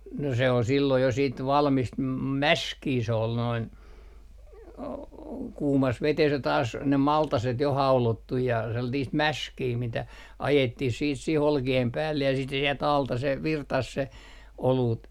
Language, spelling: Finnish, no se oli silloin ja sitten valmista - mäskiä se oli noin - kuumassa vedessä ja taas ne maltaset jo haudottu ja sellaista mäskiä mitä ajettiin sitten siihen olkien päälle ja sitten se sieltä alta se virtasi se olut
- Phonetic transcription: no se ol silloij ja siit 'valmist ma - "mäskii se ol noin , o- , 'kuumas vetes ja taas ne 'maltaset jo 'haulottuj ja , 'sellatiist "mäskii mitä ajettih siit sih "olki₍em 'päällej ja siit se sielt 'alta se , "virtas se , 'oluut .

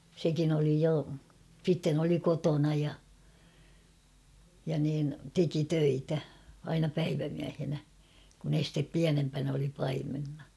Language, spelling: Finnish, sekin oli jo sitten oli kotona ja ja niin teki töitä aina päivämiehenä kun ensin pienempänä oli paimenena
- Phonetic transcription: sekin ‿oli jo , sitten ‿oli 'kotona ja , ja niin , 'teki 'töitä , aina 'päivämiähenä , kun ‿estep 'piänempän ‿oli 'paimenna .

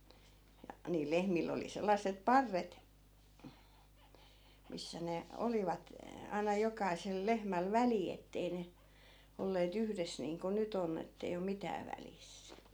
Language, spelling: Finnish, ja niillä lehmillä oli sellaiset parret missä ne olivat aina jokaisella lehmällä väli että ei ne olleet yhdessä niin kuin nyt onni että ei ole mitään välissä
- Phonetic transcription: ja , niil 'lehmill ‿oli 'sellas̀ep "parret , 'missä ne , 'olivat , aina 'jokaisel 'lehmäl "väli ettei ne , ollee't ‿yhres niiŋko 'nyt ‿onn ‿ettei om "mitää välis .

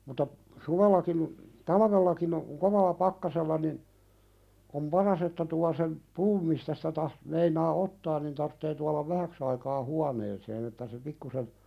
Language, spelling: Finnish, mutta suvellakin talvellakin on kovalla pakkasella niin on paras että tuo sen puun mistä sitä - meinaa ottaa niin tarvitsee tuoda vähäksi aikaa huoneeseen että se pikkuisen
- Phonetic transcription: muta , "suvellakin , "talavellakin ‿o , "kovalla 'pakkasella nin , om "paras että tua sem , "puum mistä sitä tah- , meinaa "ottaan nin tarttee tualav "vähäks ‿aikaa 'huaneeseen ‿että se 'pikkusen ,.

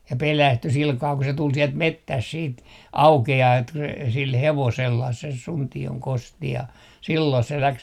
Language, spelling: Finnish, ja pelästyi sillä kalella kun se tuli sieltä metsästä sitten aukeaa että kun se sillä hevosella se Suntion Kosti ja silloin se lähti
- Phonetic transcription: ja "pelästy 'silkaa ku se 'tul 'sielt "mettäs siit "auke₍aa et ku se sil 'hevosellah ses 'Sunti₍oŋ "Kosti ja , silloi se 'läks .

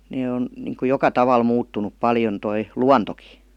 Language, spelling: Finnish, ne on niin kuin joka tavalla muuttunut paljon tuo luontokin
- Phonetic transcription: 'nee on , niŋku "joka taval 'muuttunup "paljon toi , "luantoki .

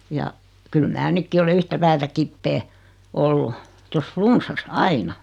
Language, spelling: Finnish, ja kyllä minä nytkin olen yhtä päätä kipeä ollut tuossa flunssassa aina
- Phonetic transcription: ja , 'kyl mää "nykki ole 'yhtä 'päätä "kippee , 'ollu , tos 'flunssas "aina .

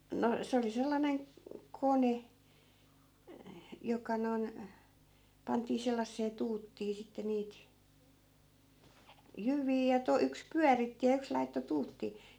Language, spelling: Finnish, no se oli sellainen kone joka noin pantiin sellaiseen tuuttiin sitten niitä jyviä ja - yksi pyöritti ja yksi laittoi tuuttiin
- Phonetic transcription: no 'se oli 'sellaneŋ , "kone , 'joka noi̮n , 'pantii sellassee 'tuuttii 'sitte niit , 'jyv̀ii ja 'to- , 'yks "pyäritti ja 'yks laitto 'tuuttii .

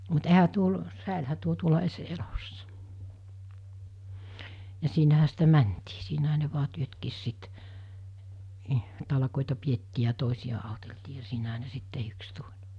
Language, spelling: Finnish, mutta eihän - säilyihän tuo tuolla edes elossa ja siinähän sitä mentiin siinähän ne vain työtkin sitten niin talkoita pidettiin ja toisia auteltiin ja siinähän ne sitten tehdyksi tuli
- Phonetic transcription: mut ehä tuol- , 'sä̀elhä tuo tuola es 'elossᴀ , ja siinähä sitä 'mäntii , siinähä ne vua 'työtkiis sit , nii , 'talᵃkòeta 'piettii ja 'tòesija 'àoteltii ja 'siinäɦä ne sit 'tehyks 'tuĺ .

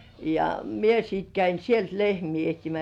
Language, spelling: Finnish, ja minä sitten kävin sieltä lehmiä etsimässä
- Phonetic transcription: ja , mie sit käin "sielt lehmii 'ehtimäs .

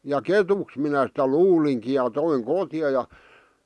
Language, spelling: Finnish, ja ketuksi minä sitä luulinkin ja toin kotiin ja
- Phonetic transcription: ja "ketuks minä sitä "luuliŋki ja 'toiŋ "kotⁱja ja ,.

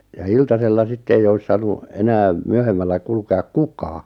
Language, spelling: Finnish, ja iltasella sitten ei olisi saanut enää myöhemmällä kulkeakaan kukaan
- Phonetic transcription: ja 'iltasella 'sitte eij ‿ois 'saanu , 'enääᵐ , 'myöhemmällä 'kulke₍ak "kukaa .

